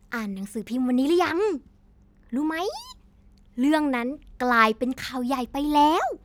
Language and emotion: Thai, happy